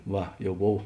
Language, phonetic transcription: Lithuanian, ˈva jau ˈbov

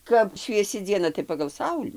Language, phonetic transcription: Lithuanian, ˈkap švieˈsi dzieˈna tai pagal ˈsaulį

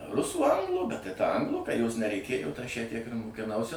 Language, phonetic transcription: Lithuanian, ˈrusų ˈanglų bet tai ta ˈanglų ka jos nereiˈkėju aš ją tiek ir mukiˈnausi

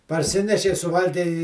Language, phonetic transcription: Lithuanian, parˈsinešei suˈvalgei i

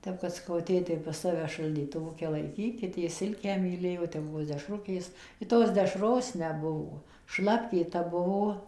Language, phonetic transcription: Lithuanian, ˈtep kad saˈkau ˈtėtei pas ˈsave šaldytuˈvuke laiˈkykit jis ˈsilkę myˈlėjo ˈten ˈbuvo dešˈrukės i ˈtos dešˈros ˈnebuvo ˈšlapkė ta ˈbuvo

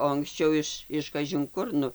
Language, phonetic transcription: Lithuanian, o anksˈčiau iš iš kažinˈkur ˈnu

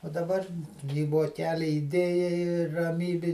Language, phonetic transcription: Lithuanian, o daˈbar į voˈkeli iˈdėjai ir raˈmybi

